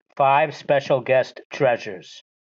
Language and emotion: English, disgusted